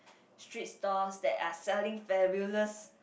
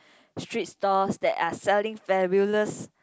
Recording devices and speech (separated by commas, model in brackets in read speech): boundary microphone, close-talking microphone, conversation in the same room